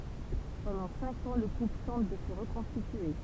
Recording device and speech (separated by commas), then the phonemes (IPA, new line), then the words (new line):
temple vibration pickup, read sentence
pɑ̃dɑ̃ sɛ̃k ɑ̃ lə ɡʁup tɑ̃t də sə ʁəkɔ̃stitye
Pendant cinq ans, le groupe tente de se reconstituer.